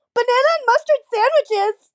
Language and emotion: English, disgusted